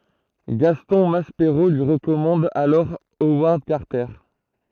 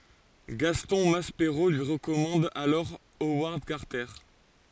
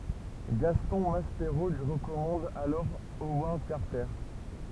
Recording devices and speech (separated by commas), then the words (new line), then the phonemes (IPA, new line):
throat microphone, forehead accelerometer, temple vibration pickup, read sentence
Gaston Maspero lui recommande alors Howard Carter.
ɡastɔ̃ maspeʁo lyi ʁəkɔmɑ̃d alɔʁ owaʁd kaʁtɛʁ